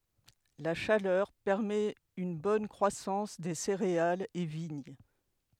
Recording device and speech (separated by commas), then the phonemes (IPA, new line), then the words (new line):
headset microphone, read sentence
la ʃalœʁ pɛʁmɛt yn bɔn kʁwasɑ̃s de seʁealz e viɲ
La chaleur permet une bonne croissance des céréales et vignes.